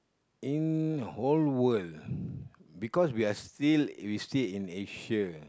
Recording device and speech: close-talking microphone, conversation in the same room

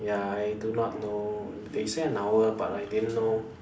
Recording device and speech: standing microphone, conversation in separate rooms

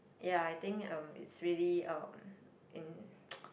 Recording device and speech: boundary microphone, conversation in the same room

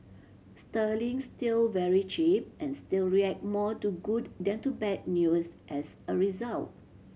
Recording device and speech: mobile phone (Samsung C7100), read sentence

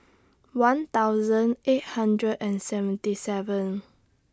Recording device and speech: standing microphone (AKG C214), read sentence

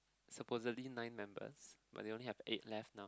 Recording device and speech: close-talking microphone, conversation in the same room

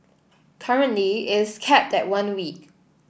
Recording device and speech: boundary microphone (BM630), read sentence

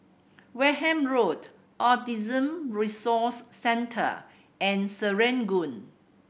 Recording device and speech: boundary microphone (BM630), read sentence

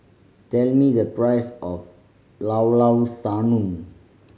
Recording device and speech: mobile phone (Samsung C5010), read sentence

